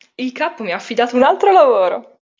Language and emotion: Italian, happy